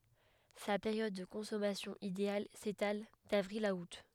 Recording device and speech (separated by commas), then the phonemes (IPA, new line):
headset microphone, read sentence
sa peʁjɔd də kɔ̃sɔmasjɔ̃ ideal setal davʁil a ut